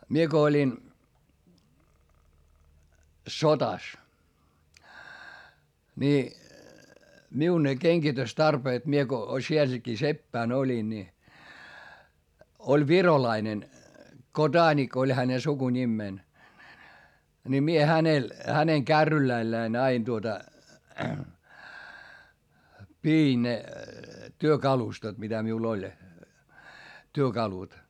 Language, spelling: Finnish, minä kun olin sota niin minun ne kengitystarpeet minä kun sielläkin seppänä olin niin oli virolainen Kodanik oli hänen sukunimensä niin minä hänellä hänen kärryillänsä aina tuota pidin ne työkalustot mitä minulla oli työkalut
- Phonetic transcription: mie ko oĺin , sota , ni , miu ne keŋGitöstarpeet mie ko sieläkii seppä̀n ‿oĺin ni , oĺ virolainen , Ko"daanik ‿oĺ häne sukuńimmèn , ni mie hänel , häneŋ kärryläⁱlläin ‿ain tuota , piin ne , työkalustot mitä miul ‿oĺ , työkalut .

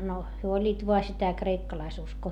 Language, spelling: Finnish, no he olivat vain sitä kreikkalaisuskoa
- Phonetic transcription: no , hyö oĺĺiit voa sitä kreikkalaisuskoo .

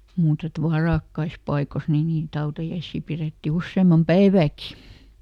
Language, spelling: Finnish, mutta että varakkaissa paikoissa niin niitä hautajaisia pidettiin useamman päivääkin
- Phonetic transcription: muut ‿et "varàkkais ˈpaikos nii niit ˈhautajaissii ˈpirètti ˈusseemam "päivääki .

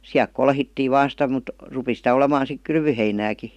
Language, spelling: Finnish, siellä kolhittiin vain sitä mutta rupesi sitä olemaan sitten kylvöheinääkin
- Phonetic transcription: 'siälk "kolhittii 'vaan sitä mut , 'rupi sitä 'olemaan̬ sik "kylvyheinääki .

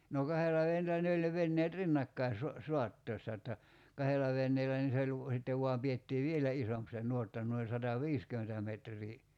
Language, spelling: Finnish, no kahdella veneellä ne oli ne veneet rinnakkain - saattaessa jotta kahdella veneellä niin se oli - sitten vain pidettiin vielä isompi se nuotta noin sataviisikymmentä metriä
- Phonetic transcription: no 'kahela ven(neelä) ne oĺ ne 'venneet "rinnakkai su- , 'suattoḙssa [j]otta , "kahella 'venneelä nii se oĺ v- , sittev 'vuam pi₍ettii "vielä 'isomp se 'ǹuotta nuoi 'sata"viiskymentä metr̀ii .

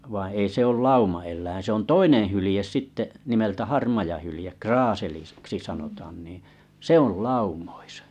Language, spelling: Finnish, vaan ei se ole laumaeläin se on toinen hylje sitten nimeltä harmaa hylje - kraaseliksi sanotaankin se on laumoissa
- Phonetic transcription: vaiⁱ̰ 'ei se ol "lauma₍el̆läin̬ se ‿on "toineḛ 'hylĭjes 'sitte’ , nimeltä 'harmaja hylⁱjeᵏ 'kraaselis- -ksi 'sanotaannì , "sè ‿ol "laumᴏɪsᴀ .

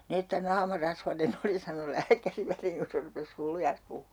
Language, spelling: Finnish, niin että naama rasvainen oli sanoi lääkäri väliin kun se rupesi hullujansa puhumaan
- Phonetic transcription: ni että 'naama "rasvane'n ‿oli » sano 'lääkäri 'väliiŋ ku se rupes 'hullujans pu(hhuu) .

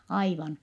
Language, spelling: Finnish, aivan
- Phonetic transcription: aivan .

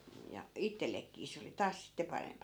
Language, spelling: Finnish, ja itsellekin se oli taas sitten parempi
- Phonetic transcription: ja , 'ittellekkii 'se oli 'taas sitte 'parempa .

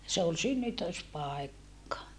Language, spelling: Finnish, se oli synnytyspaikka
- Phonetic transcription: se ol synnytöspàekka .

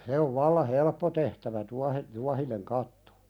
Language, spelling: Finnish, se on vallan helppo tehtävä - tuohinen katto
- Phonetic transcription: se ov 'valla "helppo tehtävä 'tuahe- , "tuahineŋ kattᴏ .

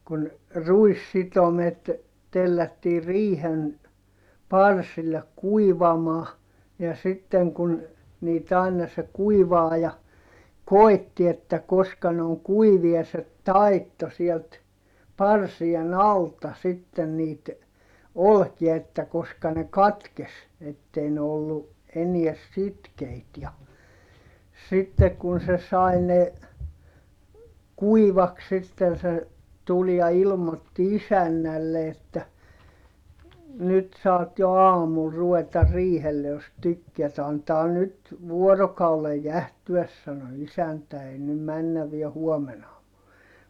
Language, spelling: Finnish, kun ruissitomet tellättiin riihen parsille kuivamaan ja sitten kun niitä aina se kuivaaja koétti että koska ne on kuivia se taittoi sieltä parsien alta sitten niitä olkia että koska ne katkesi että ei ne ollut enää sitkeitä ja sitten kun se sai ne kuivaksi sitten se tuli ja ilmoitti isännälle että nyt saat jo aamulla ruveta riihelle jos tykkäät antaa nyt vuorokauden jäähtyä sanoi isäntä ei nyt mennä vielä huomen aamulla
- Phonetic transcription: kun , ruissitomet , tellättii riihen , parsillek kuivamaa , ja sitteŋ kun , niit ‿àina se kuivaaja , koi̮tti että koska ne oŋ kuivia se , taitto sielt , parsien ‿alta sitten niit , olkia että koska ne katkes , ettei ne ollu , enie sitkeit ja , sittek kun se sai ne , kuivaks sitten̬ se , tul ja ilmotti isännälle että , » nyt saat jo aamul ruveta riihelle jos tykkeät » » antaa nyt , vuorokaulej jähtyäs » sano isäntä » ei nym männäv viä huomen ‿aamul » .

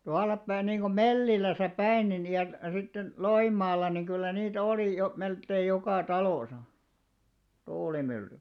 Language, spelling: Finnish, tuollapäin niin kuin Mellilässä päin niin ja sitten Loimaalla niin kyllä niitä oli jo melkein joka talossa tuulimyllyjä
- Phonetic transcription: 'tual̆lappäi niiŋɢu "Melliläsä 'päin nin ja , sitten , "Loimmaal̆§la niŋ kyllä 'niitä 'olì jo , 'melkkeij 'jokà 'talòsa , 'tuulimylly .

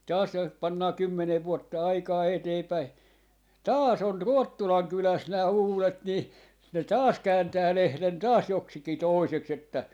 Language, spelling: Finnish, taas jos pannaan kymmenen vuotta aikaa eteenpäin taas on Ruottulan kylässä nämä uudet niin ne taas kääntää lehden taas joksikin toiseksi että
- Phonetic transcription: 'taas jos 'pannaa "kymmenev 'vuotta 'aikaa 'eteepäi , "taas 'on "Ruottulaŋ 'kyläs nää "uulet ni , ne "taas 'kääntää 'lehlen "taas 'joksiki "tòiseks että , .

